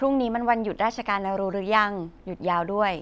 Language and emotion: Thai, neutral